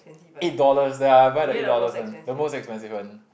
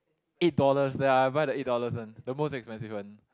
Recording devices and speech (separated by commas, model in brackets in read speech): boundary microphone, close-talking microphone, conversation in the same room